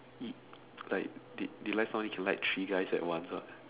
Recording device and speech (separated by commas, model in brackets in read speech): telephone, conversation in separate rooms